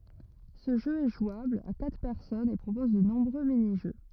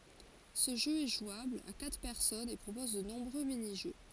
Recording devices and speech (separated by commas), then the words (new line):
rigid in-ear microphone, forehead accelerometer, read sentence
Ce jeu est jouable à quatre personnes et propose de nombreux mini-jeux.